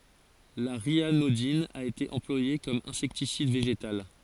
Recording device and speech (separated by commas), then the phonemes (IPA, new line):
forehead accelerometer, read sentence
la ʁjanodin a ete ɑ̃plwaje kɔm ɛ̃sɛktisid veʒetal